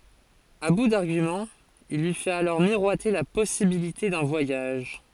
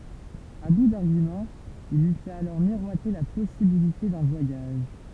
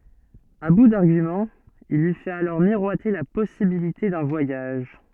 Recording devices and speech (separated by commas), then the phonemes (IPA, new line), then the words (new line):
forehead accelerometer, temple vibration pickup, soft in-ear microphone, read sentence
a bu daʁɡymɑ̃z il lyi fɛt alɔʁ miʁwate la pɔsibilite dœ̃ vwajaʒ
À bout d'arguments, il lui fait alors miroiter la possibilité d'un voyage.